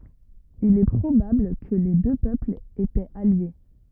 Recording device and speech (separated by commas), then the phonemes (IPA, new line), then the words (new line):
rigid in-ear microphone, read sentence
il ɛ pʁobabl kə le dø pøplz etɛt alje
Il est probable que les deux peuples étaient alliés.